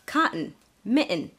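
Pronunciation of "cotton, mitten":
In 'cotton' and 'mitten', the t is a glottal T, also called a stop T, and not a flap. It comes before a syllabic n, where the n sound makes a whole syllable.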